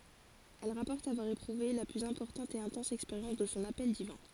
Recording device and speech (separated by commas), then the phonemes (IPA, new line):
forehead accelerometer, read sentence
ɛl ʁapɔʁt avwaʁ epʁuve la plyz ɛ̃pɔʁtɑ̃t e ɛ̃tɑ̃s ɛkspeʁjɑ̃s də sɔ̃ apɛl divɛ̃